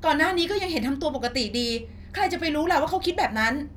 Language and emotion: Thai, frustrated